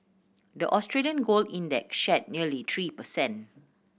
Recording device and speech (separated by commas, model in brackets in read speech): boundary microphone (BM630), read sentence